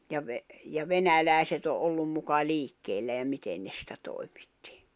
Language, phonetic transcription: Finnish, ja ve- , ja "venälä̀i̬set ‿o’ '’ollum muka 'liikkeellä ja 'miten ne sⁱtä 'tòi̬ᴍɪttɪ .
- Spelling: ja - ja venäläiset on ollut muka liikkeellä ja miten ne sitä toimitti

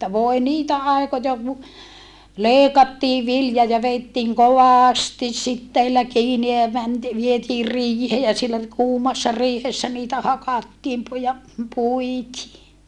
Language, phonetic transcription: Finnish, että voe niitä àikoja ku , lèikattii vilja ja veittiiŋ kovàstis sitteillä kiini ja mänti - vietiir riihee ja siellä , kuumassa riihessä niitä hakattiim pu - ja puitii .
- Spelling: että voi niitä aikoja kun leikattiin vilja ja vedettiin kovasti siteillä kiinni ja - vietiin riiheen ja siellä kuumassa riihessä niitä hakattiin - ja puitiin

